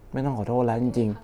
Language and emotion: Thai, frustrated